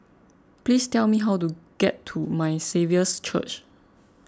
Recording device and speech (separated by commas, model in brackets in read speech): close-talking microphone (WH20), read sentence